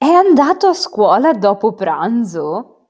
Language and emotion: Italian, surprised